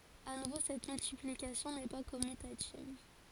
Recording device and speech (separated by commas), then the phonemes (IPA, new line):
forehead accelerometer, read sentence
a nuvo sɛt myltiplikasjɔ̃ nɛ pa kɔmytativ